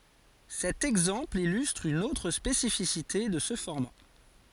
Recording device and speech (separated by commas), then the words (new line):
forehead accelerometer, read sentence
Cet exemple illustre une autre spécificité de ce format.